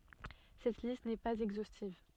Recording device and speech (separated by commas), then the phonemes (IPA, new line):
soft in-ear microphone, read sentence
sɛt list nɛ paz ɛɡzostiv